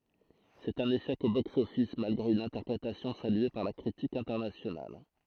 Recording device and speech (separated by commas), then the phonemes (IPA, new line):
throat microphone, read sentence
sɛt œ̃n eʃɛk o boksɔfis malɡʁe yn ɛ̃tɛʁpʁetasjɔ̃ salye paʁ la kʁitik ɛ̃tɛʁnasjonal